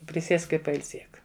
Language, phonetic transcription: Lithuanian, priˈsiesk i pailˈsiek

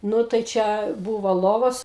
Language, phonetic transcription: Lithuanian, ˈnu tai ˈčia ˈbūvo ˈlovos

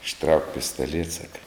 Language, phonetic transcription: Lithuanian, išˈtrauk pistaˈliet ˈsaka

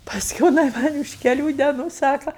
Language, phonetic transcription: Lithuanian, pasˈkiū jiˈnai ˈman' už keˈlių deˈnų ˈsaka

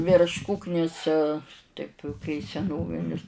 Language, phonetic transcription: Lithuanian, virš ˈkuknis ˈtaip kai seˈnovinis

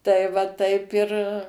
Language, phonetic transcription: Lithuanian, tai ˈva ˈtaip ir

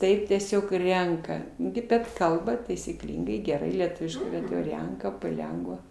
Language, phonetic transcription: Lithuanian, ˈtaip tieˈsiog ˈrenka gi bet ˈkalba taisyˈklyngai geˈrai lieˈtuviškai bet jau ˈrenka paˈlengva

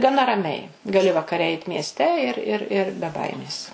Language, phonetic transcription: Lithuanian, gaˈna raˈmiai gaˈli vakaˈre ˈeit miesˈte ir ir ir be ˈbaimės

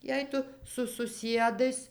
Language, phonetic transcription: Lithuanian, ˈjei tu su suˈsiedais

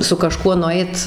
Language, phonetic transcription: Lithuanian, su kaˈžkuo nuˈait

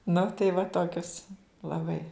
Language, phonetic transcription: Lithuanian, nu tai va ˈtokius laˈbai

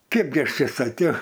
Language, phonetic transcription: Lithuanian, ˈkipgi ˈaš ˈčė saˈkiau

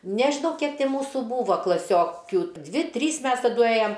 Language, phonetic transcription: Lithuanian, nežiˈnau ˈkiek ˈti ˈmūsu ˈbūva klaˈsiokiu ˈdvi ˈtrys ˈmes taˈdu ˈėjam

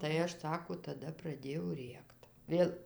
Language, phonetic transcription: Lithuanian, tai ˈaš ˈsako taˈda praˈdėjau ˈrėkt ˈvėl

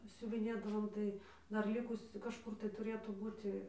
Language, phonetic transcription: Lithuanian, siuviˈnėdavom ˈtai ˈdar ˈlikusiu kažˈkur tai tuˈrėtų ˈbūti

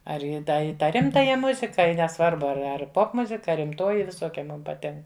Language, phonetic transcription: Lithuanian, ˈar į ˈda į ˈtą ˈrimtaja ˈmuzika i neˈsvarbu ar ˈar ˈpopmuzika a rimˈtoji viˈsokia ˈmum paˈtink

